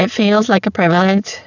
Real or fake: fake